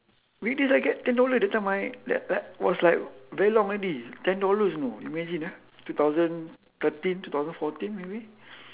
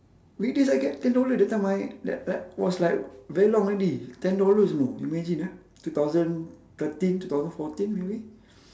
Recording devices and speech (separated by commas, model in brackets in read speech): telephone, standing microphone, conversation in separate rooms